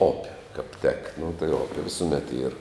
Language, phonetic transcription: Lithuanian, op' kap tek nu tai ˈope visuˈmet yr

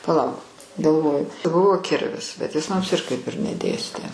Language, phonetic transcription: Lithuanian, paˈlauk galˈvoju ˈbuvo ˈkirvis bet ˈjis ˈmums ir kaip ir neˈdėstė

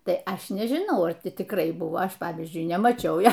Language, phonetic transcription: Lithuanian, ˈtai ˈaš nežiˈnau ar ˈti tikˈrai ˈbuvo ˈaš ˈpavyzdžiui nemaˈčiau ˈjo

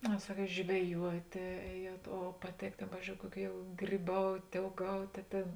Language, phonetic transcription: Lithuanian, a ˈsaˌkiet žveˈjuotė ˈēˌjuot o paˈtėk ˈtėn ˈpavyzdžiou ˈkuoˌkių jau gryˈbaut' ouˈgaut' a ˈtėn

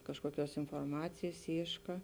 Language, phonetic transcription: Lithuanian, ˈkažkuoˌkiuos inforˈmacėjs ˈyška

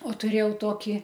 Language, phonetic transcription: Lithuanian, o tuˈrėjau ˈtoki

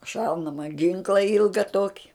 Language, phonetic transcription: Lithuanian, ˈšaunama ˈginkla ˈilga ˈtoki

